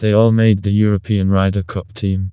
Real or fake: fake